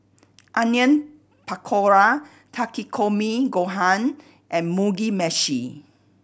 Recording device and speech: boundary microphone (BM630), read sentence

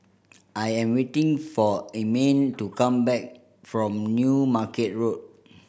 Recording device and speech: boundary microphone (BM630), read sentence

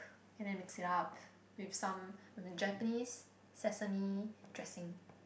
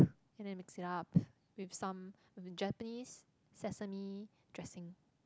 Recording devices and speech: boundary microphone, close-talking microphone, conversation in the same room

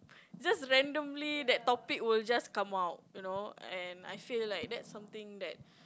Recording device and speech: close-talking microphone, conversation in the same room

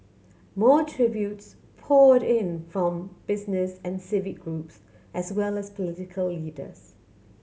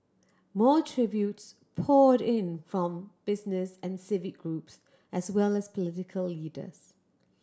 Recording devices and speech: mobile phone (Samsung C7100), standing microphone (AKG C214), read sentence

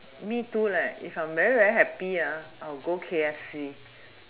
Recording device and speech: telephone, conversation in separate rooms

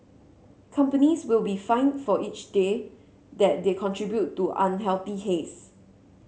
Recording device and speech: mobile phone (Samsung C7), read sentence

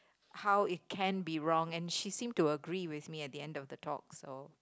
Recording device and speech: close-talking microphone, conversation in the same room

